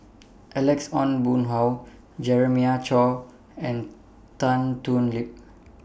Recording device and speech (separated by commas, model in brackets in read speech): boundary microphone (BM630), read sentence